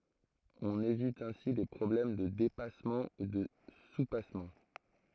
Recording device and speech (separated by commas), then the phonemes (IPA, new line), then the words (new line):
throat microphone, read sentence
ɔ̃n evit ɛ̃si le pʁɔblɛm də depasmɑ̃ u də supasmɑ̃
On évite ainsi les problèmes de dépassement ou de soupassement.